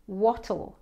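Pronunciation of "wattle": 'What'll' is said with a British pronunciation.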